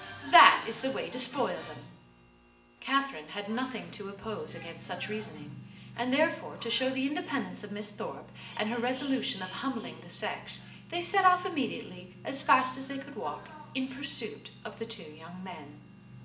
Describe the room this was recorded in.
A sizeable room.